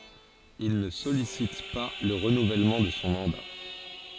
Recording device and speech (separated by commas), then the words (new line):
forehead accelerometer, read sentence
Il ne sollicite pas le renouvellement de son mandat.